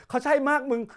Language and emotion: Thai, happy